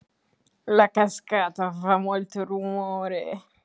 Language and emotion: Italian, disgusted